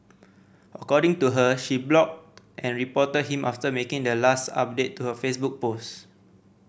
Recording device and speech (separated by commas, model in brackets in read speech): boundary microphone (BM630), read sentence